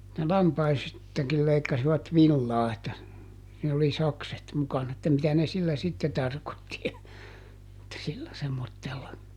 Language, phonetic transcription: Finnish, ne ˈlampaistakil leikkasivat "villaa että , niill ‿oli ˈsakset ˈmukana että mitä ne ˈsillä ˈsitte ˈtarkotti (ja) , [et]tä sillä semmottella .
- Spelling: ne lampaistakin leikkasivat villaa että niillä oli sakset mukana että mitä ne sillä sitten tarkoitti ja että sillä semmoisella

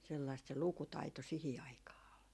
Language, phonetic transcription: Finnish, sellaist se "lukutaito 'sihi 'aikaa ol .
- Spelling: sellaista se lukutaito siihen aikaan oli

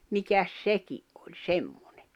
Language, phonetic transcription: Finnish, 'mikäs "seki’ ’oĺ "semᴍᴏɴᴇ .
- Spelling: mikäs sekin on semmoinen

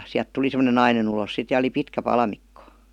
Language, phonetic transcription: Finnish, siäˡt "tuli sem°nen 'nainen ‿ulos sit ja oli 'pitkä 'palamikko .
- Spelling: sieltä tuli semmoinen nainen ulos sitten ja oli pitkä palmikko

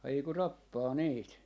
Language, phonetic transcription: Finnish, 'haiku 'tappaa 'niit .
- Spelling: haiku tappaa niitä

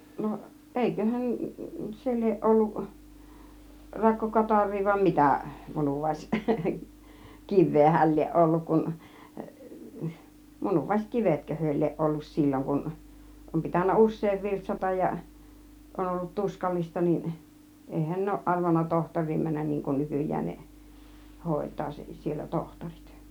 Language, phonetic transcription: Finnish, no , 'ˀèiköhän , 'se lieˀ 'ˀolluˀ , 'rakko 'kataŕ̆rii vai 'mitä , 'munuvàis , "kiv̆vee hääl lieˀ 'ˀolluk kun , 'munuvais "kivetkö hyö lieˀ 'ˀollus 'sil͕l͕oŋ kun , 'om pitännä "us̆sèiv "virtsataj ja , 'on ollut "tuskallista nin , 'èihän 'ne òuˀ ˀarvanna "tohtoŕ̆riim 'männän niiŋ kun "nykyj̆jään ne , "hòit̀aa 'sen siel̆lä "tohtorit .
- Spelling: no eiköhän se lie ollut - rakkokatarria vai mitä - munuaiskiveä hän lie ollut kun - munuaiskivetkö he lie ollut silloin kun on pitänyt usein virtsata ja on ollut tuskallista niin eihän ne ole arvannut tohtoriin mennä niin kuin nykyään ne hoitaa sen siellä tohtorit

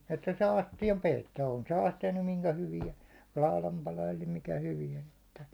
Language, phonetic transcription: Finnish, että saa 'astijam "peittoo , on se 'astija nym 'miŋkä hyvia , 'láu̬lam pala eli mikä 'hyviän̬ ‿että .
- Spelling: että saa astian peittoon on se astia nyt minkä hyvään laudan pala eli mikä hyvään että

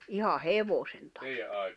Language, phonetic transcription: Finnish, 'iha "hevosen tᴀppᴏ .
- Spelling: ihan hevosen tappoi

